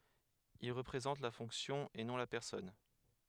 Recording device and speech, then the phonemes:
headset microphone, read sentence
il ʁəpʁezɑ̃t la fɔ̃ksjɔ̃ e nɔ̃ la pɛʁsɔn

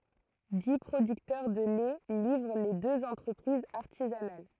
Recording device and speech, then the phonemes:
throat microphone, read sentence
di pʁodyktœʁ də lɛ livʁ le døz ɑ̃tʁəpʁizz aʁtizanal

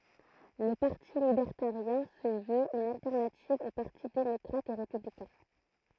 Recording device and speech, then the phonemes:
throat microphone, read sentence
lə paʁti libɛʁtaʁjɛ̃ sə vøt yn altɛʁnativ o paʁti demɔkʁat e ʁepyblikɛ̃

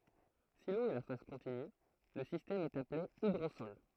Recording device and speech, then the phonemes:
throat microphone, read sentence
si lo ɛ la faz kɔ̃tiny lə sistɛm ɛt aple idʁosɔl

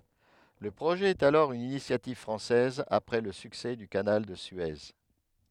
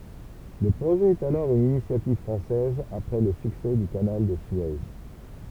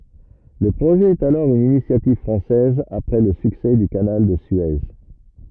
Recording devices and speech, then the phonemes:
headset microphone, temple vibration pickup, rigid in-ear microphone, read sentence
lə pʁoʒɛ ɛt alɔʁ yn inisjativ fʁɑ̃sɛz apʁɛ lə syksɛ dy kanal də sye

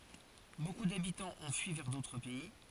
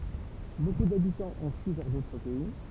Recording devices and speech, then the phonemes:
forehead accelerometer, temple vibration pickup, read sentence
boku dabitɑ̃z ɔ̃ fyi vɛʁ dotʁ pɛi

